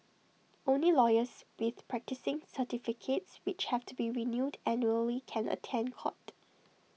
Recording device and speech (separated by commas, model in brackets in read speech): mobile phone (iPhone 6), read sentence